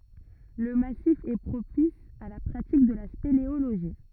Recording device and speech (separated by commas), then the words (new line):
rigid in-ear microphone, read sentence
Le massif est propice à la pratique de la spéléologie.